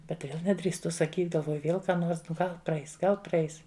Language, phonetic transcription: Lithuanian, ˈbet ˈvėl nedrįsˈtu saˈkyt galˈvoju ˈvėl ˈką ˈnors nu ˈgal praˈeis ˈgal praˈeis

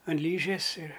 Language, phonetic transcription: Lithuanian, an ˈlyžės ir

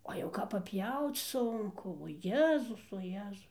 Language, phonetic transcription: Lithuanian, ˈo jau kap paˈpjauc ˈsunku o ˈjezus o ˈjezus

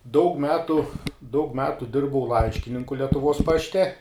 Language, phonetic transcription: Lithuanian, daug ˈmetu daug ˈmetu ˈdirbau ˈlaiškininku letuˈvos ˈpašˈte

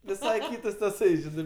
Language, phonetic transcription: Lithuanian, viˈsai ˈkytas taˈsai ˈžinai

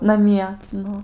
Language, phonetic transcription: Lithuanian, naˈmie ˈnu

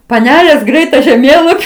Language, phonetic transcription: Lithuanian, paˈnelės ˈgreit ta žeˈmėlapi

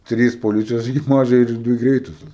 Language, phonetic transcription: Lithuanian, ˈtrys poˈlycijos ekiˈpažai ir ˈdvi ˈgreitusios

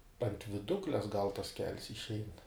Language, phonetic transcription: Lithuanian, ant viˈdukles gal tas kel's išˈein

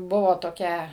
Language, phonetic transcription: Lithuanian, ˈbuvo toˈkia

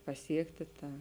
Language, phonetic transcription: Lithuanian, paˈsiekti ˈtą

